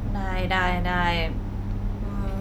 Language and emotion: Thai, frustrated